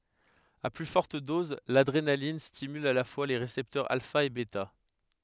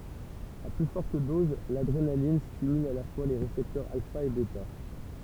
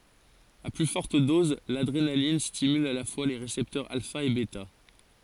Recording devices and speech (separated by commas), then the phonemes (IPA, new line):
headset microphone, temple vibration pickup, forehead accelerometer, read sentence
a ply fɔʁt dɔz ladʁenalin stimyl a la fwa le ʁesɛptœʁz alfa e bɛta